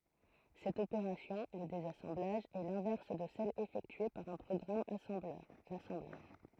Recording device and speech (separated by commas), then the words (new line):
throat microphone, read sentence
Cette opération, le désassemblage, est l'inverse de celle effectuée par un programme assembleur, l'assemblage.